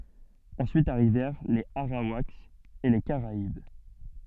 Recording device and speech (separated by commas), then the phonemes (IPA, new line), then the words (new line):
soft in-ear microphone, read sentence
ɑ̃syit aʁivɛʁ lez aʁawakz e le kaʁaib
Ensuite arrivèrent les Arawaks et les Caraïbes.